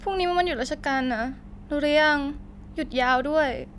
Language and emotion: Thai, sad